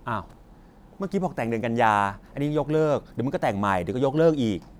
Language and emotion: Thai, frustrated